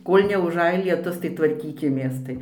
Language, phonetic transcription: Lithuanian, ˈkol' neuˈžaj lieˈtus tai tvarˈkykimės ˈtai

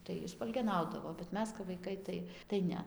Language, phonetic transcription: Lithuanian, tai ˈji spalgeˈnaudavo bet ˈmes kap vaiˈkai ˈtai tai ˈne

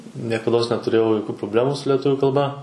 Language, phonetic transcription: Lithuanian, niekaˈdos netuˈrėjau joˈkių proˈblemų su leˈtuvių kalˈba

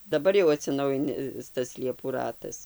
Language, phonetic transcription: Lithuanian, daˈbar jau atsiˈnaujinis tas ˈliepų ˈratas

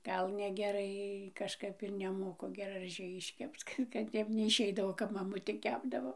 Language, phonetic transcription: Lithuanian, ˈgal negeˈrai kažˈkap ir neˈmoku geraˈžiai išˈkepc ˈkad kad ˈtep neišˈeidavo ˈkap maˈmutė ˈkepdavo

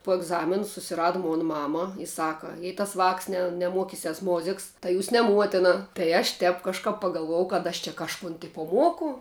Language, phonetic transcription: Lithuanian, po egˈzamin susiˈrada ˈmon ˈmama i ˈsaka jei tas vāks ne neˈmuokisias ˈmoziks tai ˈjūs ne ˈmuotena tai aš ˈtep kažˈkap pagalˈvuojau kad ˈaš čia kažˈkun ˈtipo ˈmuoku

